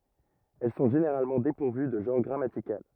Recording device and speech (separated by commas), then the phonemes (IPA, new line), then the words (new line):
rigid in-ear microphone, read sentence
ɛl sɔ̃ ʒeneʁalmɑ̃ depuʁvy də ʒɑ̃ʁ ɡʁamatikal
Elles sont généralement dépourvues de genre grammatical.